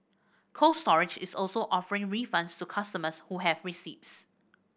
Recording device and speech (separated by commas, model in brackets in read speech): boundary microphone (BM630), read sentence